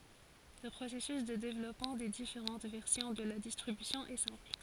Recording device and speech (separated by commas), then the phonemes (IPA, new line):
forehead accelerometer, read sentence
lə pʁosɛsys də devlɔpmɑ̃ de difeʁɑ̃t vɛʁsjɔ̃ də la distʁibysjɔ̃ ɛ sɛ̃pl